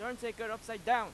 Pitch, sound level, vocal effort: 230 Hz, 101 dB SPL, very loud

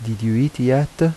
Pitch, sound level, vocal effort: 130 Hz, 80 dB SPL, soft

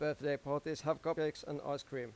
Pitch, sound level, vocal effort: 145 Hz, 91 dB SPL, normal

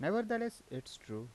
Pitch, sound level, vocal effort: 155 Hz, 86 dB SPL, normal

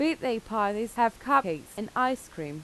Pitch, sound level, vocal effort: 225 Hz, 87 dB SPL, loud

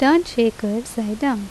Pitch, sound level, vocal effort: 230 Hz, 81 dB SPL, normal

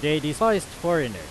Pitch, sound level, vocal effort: 150 Hz, 97 dB SPL, very loud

